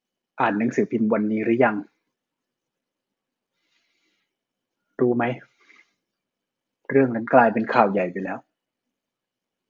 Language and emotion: Thai, frustrated